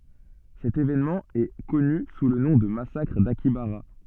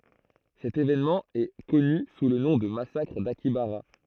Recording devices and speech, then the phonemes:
soft in-ear microphone, throat microphone, read sentence
sɛt evenmɑ̃ ɛ kɔny su lə nɔ̃ də masakʁ dakjabaʁa

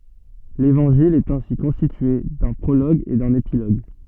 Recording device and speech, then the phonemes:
soft in-ear microphone, read sentence
levɑ̃ʒil ɛt ɛ̃si kɔ̃stitye dœ̃ pʁoloɡ e dœ̃n epiloɡ

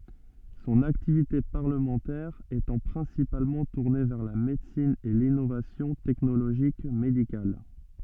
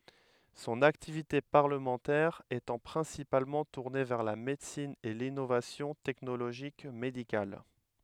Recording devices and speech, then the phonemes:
soft in-ear microphone, headset microphone, read sentence
sɔ̃n aktivite paʁləmɑ̃tɛʁ etɑ̃ pʁɛ̃sipalmɑ̃ tuʁne vɛʁ la medəsin e linovasjɔ̃ tɛknoloʒik medikal

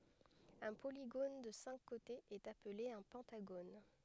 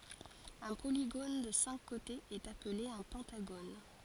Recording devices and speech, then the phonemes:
headset microphone, forehead accelerometer, read sentence
œ̃ poliɡon də sɛ̃k kotez ɛt aple œ̃ pɑ̃taɡon

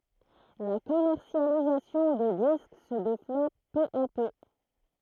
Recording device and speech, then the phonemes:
throat microphone, read sentence
la kɔmɛʁsjalizasjɔ̃ də disk sə devlɔp pø a pø

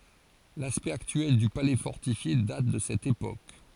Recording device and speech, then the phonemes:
forehead accelerometer, read sentence
laspɛkt aktyɛl dy palɛ fɔʁtifje dat də sɛt epok

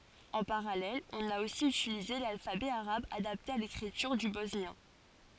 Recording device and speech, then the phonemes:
forehead accelerometer, read sentence
ɑ̃ paʁalɛl ɔ̃n a osi ytilize lalfabɛ aʁab adapte a lekʁityʁ dy bɔsnjɛ̃

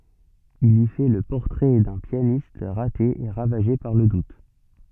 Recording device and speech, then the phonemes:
soft in-ear microphone, read sentence
il i fɛ lə pɔʁtʁɛ dœ̃ pjanist ʁate e ʁavaʒe paʁ lə dut

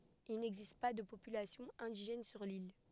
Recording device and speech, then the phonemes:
headset microphone, read sentence
il nɛɡzist pa də popylasjɔ̃ ɛ̃diʒɛn syʁ lil

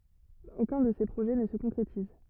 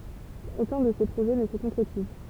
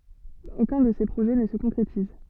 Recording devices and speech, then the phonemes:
rigid in-ear microphone, temple vibration pickup, soft in-ear microphone, read sentence
okœ̃ də se pʁoʒɛ nə sə kɔ̃kʁetiz

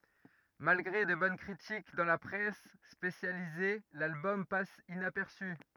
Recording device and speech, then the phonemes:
rigid in-ear microphone, read sentence
malɡʁe də bɔn kʁitik dɑ̃ la pʁɛs spesjalize lalbɔm pas inapɛʁsy

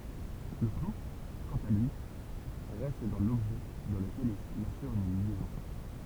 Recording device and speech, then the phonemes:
temple vibration pickup, read sentence
lə klu kɑ̃t a lyi ʁɛst dɑ̃ lɔbʒɛ dɑ̃ ləkɛl il asyʁ yn ljɛzɔ̃

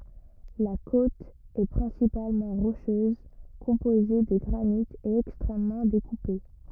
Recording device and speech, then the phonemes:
rigid in-ear microphone, read sentence
la kot ɛ pʁɛ̃sipalmɑ̃ ʁoʃøz kɔ̃poze də ɡʁanit e ɛkstʁɛmmɑ̃ dekupe

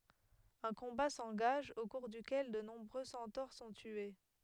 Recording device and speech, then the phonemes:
headset microphone, read sentence
œ̃ kɔ̃ba sɑ̃ɡaʒ o kuʁ dykɛl də nɔ̃bʁø sɑ̃toʁ sɔ̃ tye

